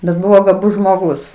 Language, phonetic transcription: Lithuanian, bet ˈbuvo gaˈbus žmoˈgus

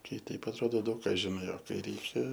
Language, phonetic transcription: Lithuanian, ˈkai ˈteip atˈrodo ˈdaug ˈką žiˈnai o ˈkai ˈreikia

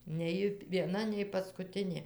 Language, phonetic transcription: Lithuanian, ne ˈji vieˈna nei paskuˈtinė

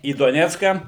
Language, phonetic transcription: Lithuanian, į doˈnecką

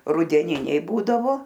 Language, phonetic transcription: Lithuanian, rudeˈniniai ˈbūdavo

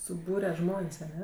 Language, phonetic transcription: Lithuanian, suˈbūre ˈžmon's' aˈne

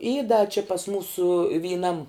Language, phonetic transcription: Lithuanian, y da či pas ˈmūsu vyˈnam

